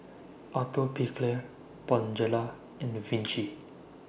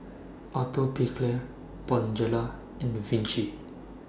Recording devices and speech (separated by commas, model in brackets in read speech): boundary microphone (BM630), standing microphone (AKG C214), read sentence